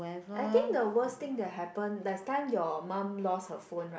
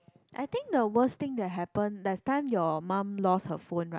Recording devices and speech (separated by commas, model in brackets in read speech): boundary microphone, close-talking microphone, conversation in the same room